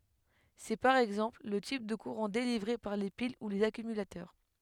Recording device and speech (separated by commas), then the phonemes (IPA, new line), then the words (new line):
headset microphone, read sentence
sɛ paʁ ɛɡzɑ̃pl lə tip də kuʁɑ̃ delivʁe paʁ le pil u lez akymylatœʁ
C'est, par exemple, le type de courant délivré par les piles ou les accumulateurs.